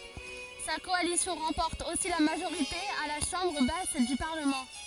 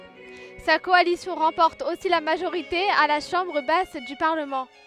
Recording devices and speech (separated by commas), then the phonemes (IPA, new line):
forehead accelerometer, headset microphone, read sentence
sa kɔalisjɔ̃ ʁɑ̃pɔʁt osi la maʒoʁite a la ʃɑ̃bʁ bas dy paʁləmɑ̃